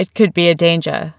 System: none